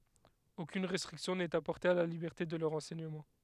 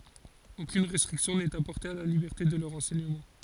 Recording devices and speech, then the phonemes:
headset microphone, forehead accelerometer, read sentence
okyn ʁɛstʁiksjɔ̃ nɛt apɔʁte a la libɛʁte də lœʁ ɑ̃sɛɲəmɑ̃

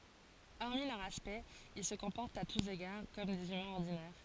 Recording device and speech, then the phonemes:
forehead accelerometer, read sentence
ɔʁmi lœʁ aspɛkt il sə kɔ̃pɔʁtt a tus eɡaʁ kɔm dez ymɛ̃z ɔʁdinɛʁ

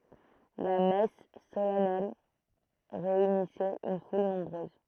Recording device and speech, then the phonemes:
throat microphone, read sentence
la mɛs solɛnɛl ʁeynisɛt yn ful nɔ̃bʁøz

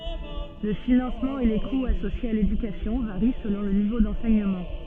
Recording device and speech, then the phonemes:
soft in-ear microphone, read sentence
lə finɑ̃smɑ̃ e le kuz asosjez a ledykasjɔ̃ vaʁi səlɔ̃ lə nivo dɑ̃sɛɲəmɑ̃

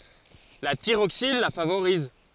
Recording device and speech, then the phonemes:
forehead accelerometer, read sentence
la tiʁoksin la favoʁiz

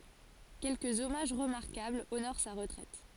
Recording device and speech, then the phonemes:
forehead accelerometer, read sentence
kɛlkəz ɔmaʒ ʁəmaʁkabl onoʁ sa ʁətʁɛt

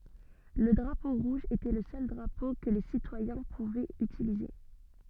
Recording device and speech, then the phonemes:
soft in-ear microphone, read sentence
lə dʁapo ʁuʒ etɛ lə sœl dʁapo kə le sitwajɛ̃ puvɛt ytilize

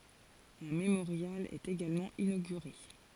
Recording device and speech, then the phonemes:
forehead accelerometer, read sentence
œ̃ memoʁjal ɛt eɡalmɑ̃ inoɡyʁe

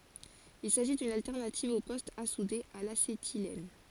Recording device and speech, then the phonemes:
forehead accelerometer, read sentence
il saʒi dyn altɛʁnativ o pɔstz a sude a lasetilɛn

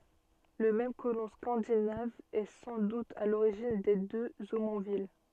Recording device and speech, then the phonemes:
soft in-ear microphone, read sentence
lə mɛm kolɔ̃ skɑ̃dinav ɛ sɑ̃ dut a loʁiʒin de døz omɔ̃vil

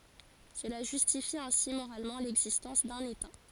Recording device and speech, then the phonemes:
forehead accelerometer, read sentence
səla ʒystifi ɛ̃si moʁalmɑ̃ lɛɡzistɑ̃s dœ̃n eta

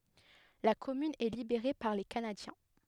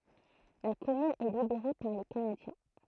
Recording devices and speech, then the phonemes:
headset microphone, throat microphone, read sentence
la kɔmyn ɛ libeʁe paʁ le kanadjɛ̃

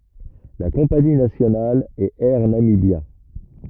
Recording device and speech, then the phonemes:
rigid in-ear microphone, read sentence
la kɔ̃pani nasjonal ɛt ɛʁ namibja

